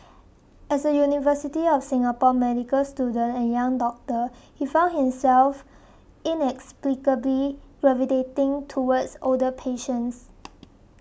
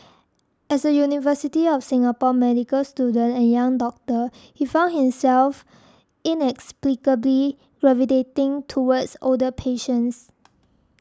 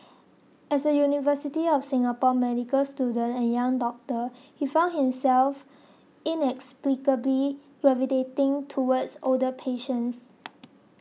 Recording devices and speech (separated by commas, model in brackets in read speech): boundary microphone (BM630), standing microphone (AKG C214), mobile phone (iPhone 6), read sentence